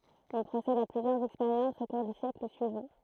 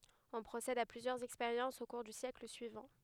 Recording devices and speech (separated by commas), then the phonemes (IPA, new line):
throat microphone, headset microphone, read sentence
ɔ̃ pʁosɛd a plyzjœʁz ɛkspeʁjɑ̃sz o kuʁ dy sjɛkl syivɑ̃